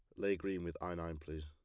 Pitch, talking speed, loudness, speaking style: 85 Hz, 290 wpm, -41 LUFS, plain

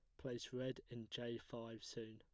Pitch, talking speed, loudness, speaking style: 120 Hz, 185 wpm, -49 LUFS, plain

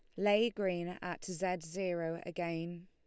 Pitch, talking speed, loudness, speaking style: 180 Hz, 135 wpm, -36 LUFS, Lombard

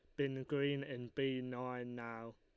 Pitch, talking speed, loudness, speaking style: 125 Hz, 165 wpm, -41 LUFS, Lombard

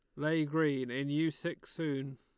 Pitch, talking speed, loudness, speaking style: 145 Hz, 185 wpm, -34 LUFS, Lombard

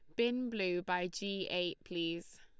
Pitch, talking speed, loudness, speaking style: 180 Hz, 165 wpm, -37 LUFS, Lombard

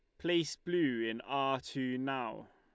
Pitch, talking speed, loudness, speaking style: 135 Hz, 155 wpm, -35 LUFS, Lombard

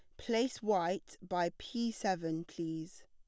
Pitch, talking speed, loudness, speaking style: 185 Hz, 125 wpm, -37 LUFS, plain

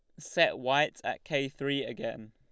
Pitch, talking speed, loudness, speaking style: 135 Hz, 170 wpm, -31 LUFS, Lombard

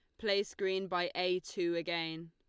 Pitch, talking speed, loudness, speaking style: 180 Hz, 170 wpm, -35 LUFS, Lombard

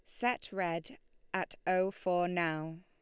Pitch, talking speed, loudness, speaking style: 180 Hz, 140 wpm, -35 LUFS, Lombard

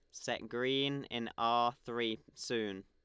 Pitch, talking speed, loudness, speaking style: 120 Hz, 135 wpm, -36 LUFS, Lombard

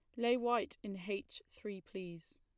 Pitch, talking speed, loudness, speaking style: 205 Hz, 165 wpm, -40 LUFS, plain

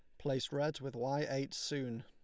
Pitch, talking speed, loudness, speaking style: 135 Hz, 195 wpm, -38 LUFS, Lombard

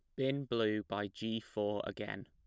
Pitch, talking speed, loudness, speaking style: 110 Hz, 175 wpm, -38 LUFS, plain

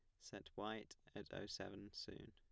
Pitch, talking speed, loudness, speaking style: 100 Hz, 170 wpm, -52 LUFS, plain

